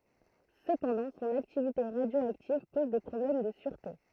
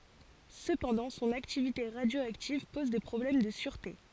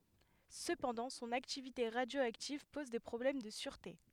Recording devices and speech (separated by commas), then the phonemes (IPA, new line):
throat microphone, forehead accelerometer, headset microphone, read sentence
səpɑ̃dɑ̃ sɔ̃n aktivite ʁadjoaktiv pɔz de pʁɔblɛm də syʁte